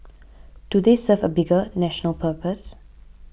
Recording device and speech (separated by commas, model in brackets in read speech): boundary microphone (BM630), read sentence